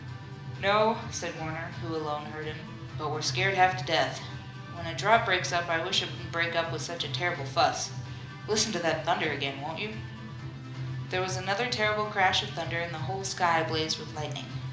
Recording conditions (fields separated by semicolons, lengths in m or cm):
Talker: one person; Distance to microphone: 2.0 m; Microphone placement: close; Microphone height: 99 cm; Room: medium-sized (5.7 m by 4.0 m); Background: music